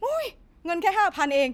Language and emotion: Thai, frustrated